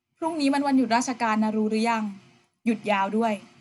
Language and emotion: Thai, neutral